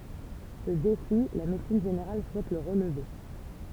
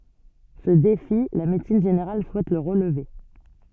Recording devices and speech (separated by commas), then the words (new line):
temple vibration pickup, soft in-ear microphone, read sentence
Ce défi, la médecine générale souhaite le relever.